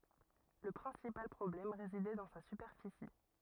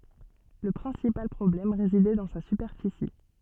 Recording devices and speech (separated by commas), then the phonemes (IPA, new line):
rigid in-ear microphone, soft in-ear microphone, read sentence
lə pʁɛ̃sipal pʁɔblɛm ʁezidɛ dɑ̃ sa sypɛʁfisi